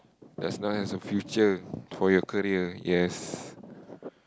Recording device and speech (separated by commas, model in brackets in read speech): close-talking microphone, conversation in the same room